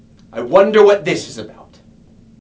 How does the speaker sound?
disgusted